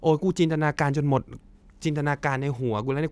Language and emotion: Thai, frustrated